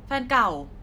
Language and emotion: Thai, angry